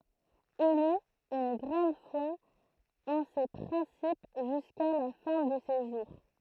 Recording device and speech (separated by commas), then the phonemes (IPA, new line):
throat microphone, read sentence
il yt yn ɡʁɑ̃d fwa ɑ̃ se pʁɛ̃sip ʒyska la fɛ̃ də se ʒuʁ